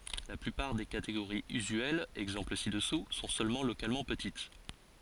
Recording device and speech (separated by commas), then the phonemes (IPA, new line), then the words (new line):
forehead accelerometer, read sentence
la plypaʁ de kateɡoʁiz yzyɛlz ɛɡzɑ̃pl si dəsu sɔ̃ sølmɑ̃ lokalmɑ̃ pətit
La plupart des catégories usuelles — exemples ci-dessous — sont seulement localement petites.